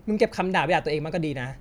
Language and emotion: Thai, frustrated